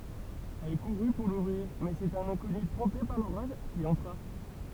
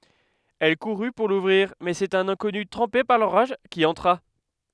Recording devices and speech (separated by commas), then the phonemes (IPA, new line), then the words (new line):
temple vibration pickup, headset microphone, read sentence
ɛl kuʁy puʁ luvʁiʁ mɛz œ̃ sɛt œ̃n ɛ̃kɔny tʁɑ̃pe paʁ loʁaʒ ki ɑ̃tʁa
Elle courut pour l'ouvrir mais un c'est un inconnu trempé par l'orage qui entra.